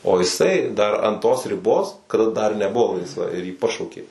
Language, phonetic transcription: Lithuanian, o iˈsai dar an tos riˈbos kaˈda dar neˈbuˈvo laisˈva ir jį ˈpašaukė

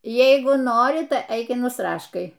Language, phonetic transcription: Lithuanian, ˈjeigu ˈnori tai ˈeik ir nusˈraškai

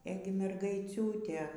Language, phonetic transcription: Lithuanian, ˈėgi mergaiˈciūtė

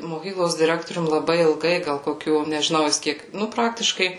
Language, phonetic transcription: Lithuanian, moˈkyklos diˈrektorium laˈbai ilˈgai gal koˈkių nežiˈnau jis ˈkiek ˈnu ˈpraktiškai

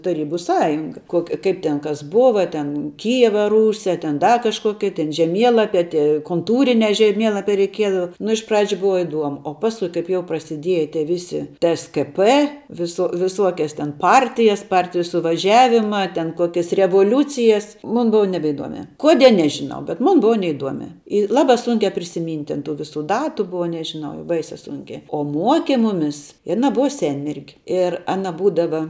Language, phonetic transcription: Lithuanian, taˈrybu ˈsąjunga ˈkoki ˈkaip ten kas ˈbova ten ˈkyjeva ˈrūsia ten ˈda kažˈkoki ten žeˈmielapia ˈtie konˈtūrinia žeˈmielapia reiˈkiedava nu iš ˈpradžiu ˈbuva iˈduomu o ˈpaskui ˈkaip jau prasiˈdieja tie ˈvisi tskp viˈso viˈsuokias ten ˈpartijas ˈpartiju suvaˈžiavima ten ˈkuokias revoˈliūcijas ˈmun ˈbuva nebeiˈdomia ˈkodie ˈnežinau bet ˈmun ˈbuva neiˈduomia i ˈlabā ˈsunkiā prisiˈmynt' ˈten tų ˈvisu ˈdatu ˈbuva nežiˈnau jau ˈbaisiā ˈsunkiā o ˈmuoke ˈmumis i aˈna ˈbuva ˈsenmergi ir ˈana ˈbūdava

